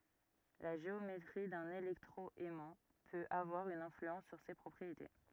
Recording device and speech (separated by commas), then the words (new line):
rigid in-ear microphone, read sentence
La géométrie d’un électro-aimant peut avoir une influence sur ses propriétés.